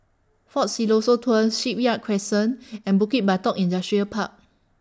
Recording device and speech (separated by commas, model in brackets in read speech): standing microphone (AKG C214), read sentence